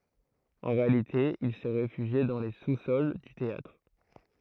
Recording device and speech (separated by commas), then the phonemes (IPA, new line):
throat microphone, read sentence
ɑ̃ ʁealite il sɛ ʁefyʒje dɑ̃ le susɔl dy teatʁ